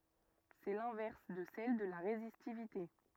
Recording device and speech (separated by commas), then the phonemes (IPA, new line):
rigid in-ear microphone, read sentence
sɛ lɛ̃vɛʁs də sɛl də la ʁezistivite